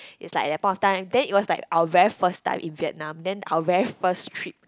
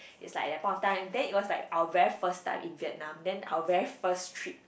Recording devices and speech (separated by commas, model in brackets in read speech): close-talking microphone, boundary microphone, conversation in the same room